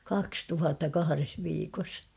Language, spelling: Finnish, kaksi tuhatta kahdessa viikossa
- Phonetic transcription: kaks 'tuhatta "kahares 'viikos !

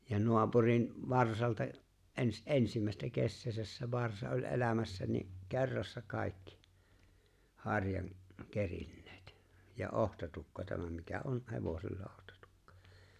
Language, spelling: Finnish, ja naapurin varsalta - ensimmäistä kesäänsä se varsa oli elämässä niin kerrassa kaikki harjan kerinneet ja otsatukka tämä mikä on hevosella otsatukka
- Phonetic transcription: ja 'noapurin , 'varsalta , '’ens- , "’ensimä̀estä 'kesseesäs se 'varsa oĺ '’e̬lämässä ni , 'ke̬rrassa 'kàikki , 'haŕjaŋ , 'kerinneet , ja 'ohtatukka 'tämä mikä "on 'hevosella 'ᴏhtᴀtᴜkkᴀ .

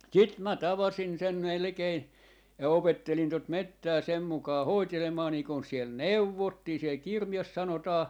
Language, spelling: Finnish, sitten minä tavasin sen melkein ja opettelin tuota metsää sen mukaan hoitelemaan niin kuin siellä neuvottiin siellä kirjassa sanotaan
- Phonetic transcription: "sit mä "tavasin sen 'melᵉkein , ja 'opettelin tot "mettää sem mukaa 'hoitelemaa niiŋ kun siel "neuvottii , siel "kirjas 'sanotaa .

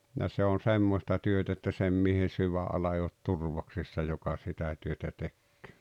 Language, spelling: Finnish, ja se on semmoista työtä että sen miehen sydänala ei ole turvoksissa joka sitä työtä tekee
- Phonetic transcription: ja 'se on "semmosta 'työt ‿että 'sem miehen̬ "syvä’ala ei ot "turvoksissa joka ’sitä työtä 'tekkᴏ̈ᴏ̈ .

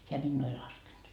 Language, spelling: Finnish, hän minua ei laskenut
- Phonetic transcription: heä 'minnuu ei 'laskenD .

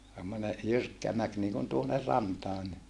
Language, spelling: Finnish, semmoinen jyrkkä mäki niin kuin tuonne rantaan niin
- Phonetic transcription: semmone , jyrkkä mäk niikun tuonner rantaa ni , .

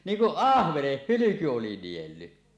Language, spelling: Finnish, niin kuin ahvenen hylky oli niellyt
- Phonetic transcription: 'niiŋ kuˀ "ˀahveneh "hylyku 'oli "nielly .

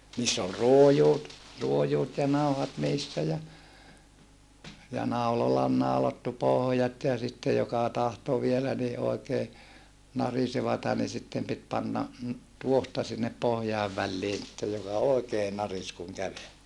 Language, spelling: Finnish, niissä oli ruojut ruojut ja nauhat niissä ja ja naulalla oli naulattu pohjat ja sitten joka tahtoi vielä niin oikein narisevaa niin sitten piti panna tuohta sinne pohjien väliin sitten joka oikein narisi kun käveli
- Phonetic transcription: niiss ‿ol ruojuut , juojuut ja nauhat niissä ja , ja naulala ol naulattu pohᵒjat ja sitte joka tahto vielä ni ʼoikee , narisevata ni sittem pit panna , tuohta sinnep pohjaiv vällii sittej joka oekee naris kuŋ kävel .

